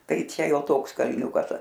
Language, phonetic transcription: Lithuanian, ˈtai ˈčia ˈjo ˈtoks kalˈniūkas

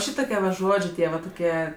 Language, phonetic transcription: Lithuanian, ˈšytokie va ˈžodžė ˈtie va toˈkie

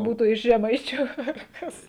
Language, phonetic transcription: Lithuanian, ˈbūtu iš žeˈmaičiu ar ˈkas

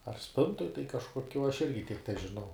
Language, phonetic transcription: Lithuanian, ar ˈspintoj tai kažkoˈkio aš ˈirgi tiek težiˈnau

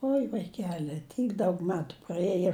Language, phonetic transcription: Lithuanian, ˈoi vaiˈkeli ˈtyk ˈdaug ˈmetu praˈėjo

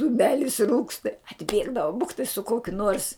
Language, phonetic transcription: Lithuanian, duˈmelis ˈrūksta atˈbėgdavu ˈbuktai su ˈkokiu nuors

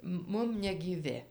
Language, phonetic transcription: Lithuanian, ˈmum negyˈvi

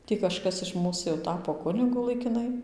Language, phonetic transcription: Lithuanian, ˈtį kažˈkas iš ˈmūs jau ˈtapo ˈkunigu laikiˈnai

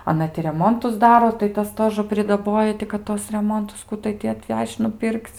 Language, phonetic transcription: Lithuanian, aˈna ti reˈmontus ˈdaro tai ˈtas ˈtožə pridaˈboja ti kad ˈtuos reˈmontus ˈku tai ti atˈvež'č' nuˈpirkc'

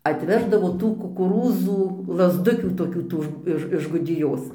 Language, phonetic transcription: Lithuanian, atˈveždavo ˈtų kukuˈrūzų lazˈdukių toˈkių ˈtų iž iš gudiˈjos

